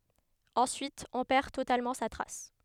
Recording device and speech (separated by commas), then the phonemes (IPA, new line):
headset microphone, read sentence
ɑ̃syit ɔ̃ pɛʁ totalmɑ̃ sa tʁas